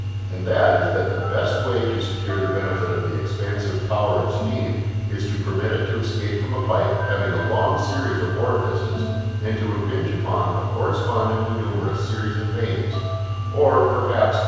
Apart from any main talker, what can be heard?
Music.